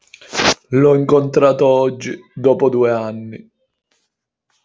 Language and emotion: Italian, sad